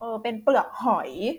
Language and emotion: Thai, neutral